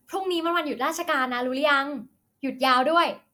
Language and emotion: Thai, happy